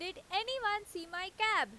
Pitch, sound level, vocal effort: 390 Hz, 98 dB SPL, very loud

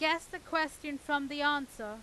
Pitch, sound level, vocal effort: 290 Hz, 96 dB SPL, very loud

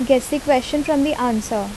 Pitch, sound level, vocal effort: 265 Hz, 78 dB SPL, normal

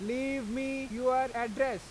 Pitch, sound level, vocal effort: 255 Hz, 96 dB SPL, loud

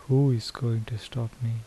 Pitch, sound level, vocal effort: 115 Hz, 73 dB SPL, soft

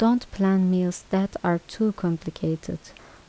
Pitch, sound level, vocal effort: 185 Hz, 78 dB SPL, soft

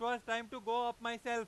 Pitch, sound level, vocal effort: 235 Hz, 104 dB SPL, very loud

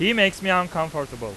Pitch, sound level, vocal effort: 180 Hz, 97 dB SPL, very loud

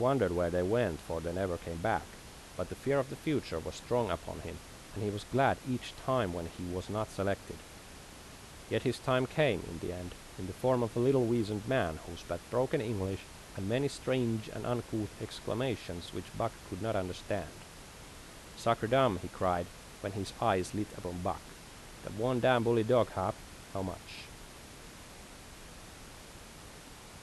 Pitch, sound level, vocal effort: 105 Hz, 82 dB SPL, normal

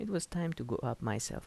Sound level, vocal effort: 76 dB SPL, soft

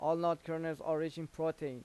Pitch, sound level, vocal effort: 160 Hz, 90 dB SPL, loud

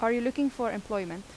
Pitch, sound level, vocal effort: 230 Hz, 84 dB SPL, normal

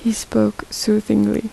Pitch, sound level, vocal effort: 215 Hz, 74 dB SPL, soft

